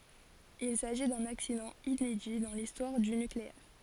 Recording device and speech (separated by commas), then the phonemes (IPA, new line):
forehead accelerometer, read sentence
il saʒi dœ̃n aksidɑ̃ inedi dɑ̃ listwaʁ dy nykleɛʁ